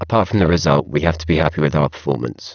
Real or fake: fake